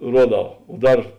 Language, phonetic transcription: Lithuanian, ˈruoˌdau o ˈdar

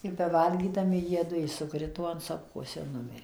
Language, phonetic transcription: Lithuanian, ir beˈvalgydami ˈjiedu i suˈkrito an ˈsopkos ir ˈnumirė

